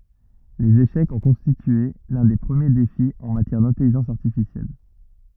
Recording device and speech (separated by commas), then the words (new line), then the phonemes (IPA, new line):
rigid in-ear microphone, read sentence
Les échecs ont constitué l'un des premiers défis en matière d'intelligence artificielle.
lez eʃɛkz ɔ̃ kɔ̃stitye lœ̃ de pʁəmje defi ɑ̃ matjɛʁ dɛ̃tɛliʒɑ̃s aʁtifisjɛl